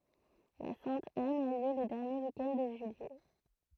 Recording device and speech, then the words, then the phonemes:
throat microphone, read sentence
La Sainte-Anne a lieu le dernier week-end de juillet.
la sɛ̃t an a ljø lə dɛʁnje wik ɛnd də ʒyijɛ

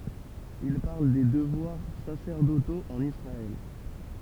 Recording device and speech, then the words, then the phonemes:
temple vibration pickup, read sentence
Il parle des devoirs sacerdotaux en Israël.
il paʁl de dəvwaʁ sasɛʁdotoz ɑ̃n isʁaɛl

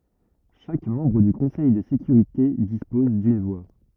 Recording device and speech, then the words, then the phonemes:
rigid in-ear microphone, read sentence
Chaque membre du Conseil de sécurité dispose d'une voix.
ʃak mɑ̃bʁ dy kɔ̃sɛj də sekyʁite dispɔz dyn vwa

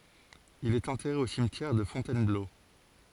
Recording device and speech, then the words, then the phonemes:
forehead accelerometer, read sentence
Il est enterré au cimetière de Fontainebleau.
il ɛt ɑ̃tɛʁe o simtjɛʁ də fɔ̃tɛnblo

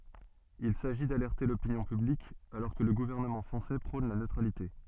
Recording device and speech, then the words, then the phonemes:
soft in-ear microphone, read sentence
Il s’agit d’alerter l’opinion publique alors que le gouvernement français prône la neutralité.
il saʒi dalɛʁte lopinjɔ̃ pyblik alɔʁ kə lə ɡuvɛʁnəmɑ̃ fʁɑ̃sɛ pʁɔ̃n la nøtʁalite

